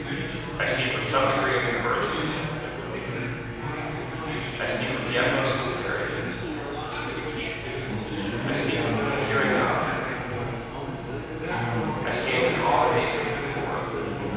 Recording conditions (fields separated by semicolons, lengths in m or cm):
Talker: one person; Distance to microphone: 7.1 m; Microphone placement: far; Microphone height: 1.7 m; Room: very reverberant, large; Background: babble